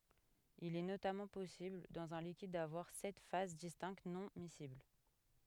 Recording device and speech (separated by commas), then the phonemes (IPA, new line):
headset microphone, read sentence
il ɛ notamɑ̃ pɔsibl dɑ̃z œ̃ likid davwaʁ sɛt faz distɛ̃kt nɔ̃ misibl